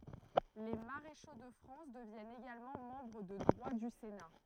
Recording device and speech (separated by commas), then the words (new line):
throat microphone, read sentence
Les maréchaux de France deviennent également membres de droit du Sénat.